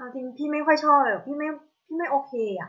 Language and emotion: Thai, frustrated